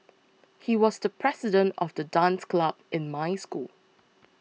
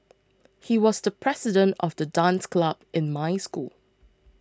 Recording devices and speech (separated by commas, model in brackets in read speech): mobile phone (iPhone 6), close-talking microphone (WH20), read sentence